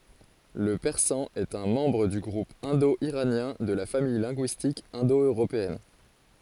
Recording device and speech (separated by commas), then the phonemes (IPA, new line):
forehead accelerometer, read sentence
lə pɛʁsɑ̃ ɛt œ̃ mɑ̃bʁ dy ɡʁup ɛ̃do iʁanjɛ̃ də la famij lɛ̃ɡyistik ɛ̃do øʁopeɛn